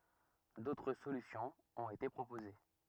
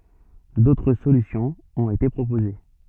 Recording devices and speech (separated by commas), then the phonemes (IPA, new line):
rigid in-ear microphone, soft in-ear microphone, read sentence
dotʁ solysjɔ̃z ɔ̃t ete pʁopoze